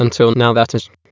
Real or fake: fake